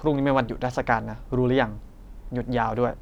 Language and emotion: Thai, frustrated